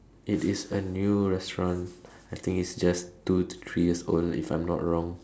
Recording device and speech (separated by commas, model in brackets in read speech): standing microphone, conversation in separate rooms